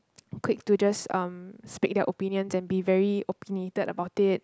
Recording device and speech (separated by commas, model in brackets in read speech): close-talking microphone, conversation in the same room